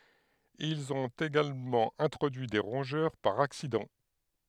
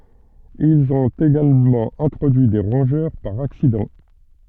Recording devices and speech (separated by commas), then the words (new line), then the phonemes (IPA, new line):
headset microphone, soft in-ear microphone, read sentence
Ils ont également introduit des rongeurs par accident.
ilz ɔ̃t eɡalmɑ̃ ɛ̃tʁodyi de ʁɔ̃ʒœʁ paʁ aksidɑ̃